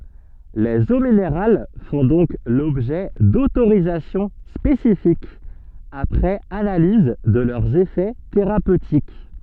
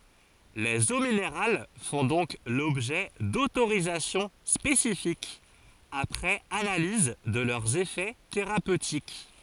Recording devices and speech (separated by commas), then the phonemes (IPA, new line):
soft in-ear microphone, forehead accelerometer, read sentence
lez o mineʁal fɔ̃ dɔ̃k lɔbʒɛ dotoʁizasjɔ̃ spesifikz apʁɛz analiz də lœʁz efɛ teʁapøtik